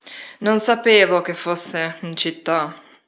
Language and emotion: Italian, disgusted